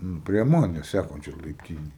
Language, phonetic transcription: Lithuanian, ˈnu prie ˈmanes ˈsækančioj laipˈtynėj

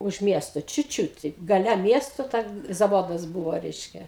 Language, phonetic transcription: Lithuanian, už ˈmiesto ˈčiūt ˈčiūt teip gaˈle ˈmiesto ˈten zaˈvodas ˈbūvo ˈreiškia

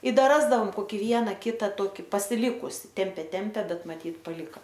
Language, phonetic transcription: Lithuanian, i ˈda ˈrasdaom koˈki ˈviena ˈkita ˈtoki pasiˈlikusi ˈtempė ˈtempė ˈbet maˈtyt paˈlika

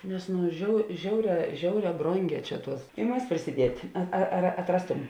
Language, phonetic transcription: Lithuanian, nes ˈnu žiau ˈžiauˌrē ˈžiauˌrē ˈbronˌgē ˈčia ˈtuos i ˈmas prisiˈdiet' a ar atˈrastum

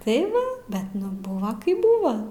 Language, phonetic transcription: Lithuanian, tai ˈva ˈbet nu ˈbuva ˈkaip ˈbuva

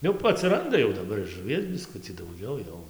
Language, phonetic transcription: Lithuanian, jau atsiˈranda jau daˈbar ir žuˈvies biˈskucį dauˈgiau jau

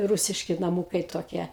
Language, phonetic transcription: Lithuanian, ˈrūsiški naˈmūkai toˈkie

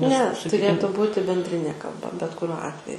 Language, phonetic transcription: Lithuanian, ne tuˈrėtu ˈbūti bendˈrinė kalˈba bet kuˈriuo ˈatveju

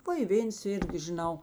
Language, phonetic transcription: Lithuanian, ˈva i ˈvėns ˈirgi žiˈnau

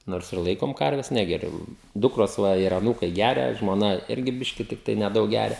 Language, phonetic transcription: Lithuanian, ˈnors ir ˈlaikom ˈkarves ˈnegeriu ˈdukros ˈva ir aˈnūkai ˈgeria žmoˈna ˈirgi ˈbiški tikˈtai neˈdaug ˈgeria

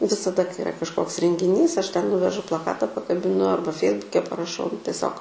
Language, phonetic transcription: Lithuanian, visaˈda kai iˈra kažˈkoks rengiˈnys ˈaš ten ˈnuvežu plaˈkata pakabiˈnu ˈarba ˈfeisbuke paraˈšau nu teˈsiog

